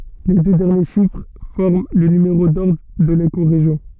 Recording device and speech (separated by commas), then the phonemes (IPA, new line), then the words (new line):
soft in-ear microphone, read sentence
le dø dɛʁnje ʃifʁ fɔʁm lə nymeʁo dɔʁdʁ də lekoʁeʒjɔ̃
Les deux derniers chiffres forment le numéro d'ordre de l'écorégion.